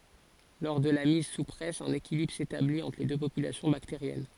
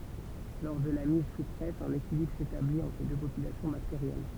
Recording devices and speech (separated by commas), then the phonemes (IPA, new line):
forehead accelerometer, temple vibration pickup, read sentence
lɔʁ də la miz su pʁɛs œ̃n ekilibʁ setablit ɑ̃tʁ le dø popylasjɔ̃ bakteʁjɛn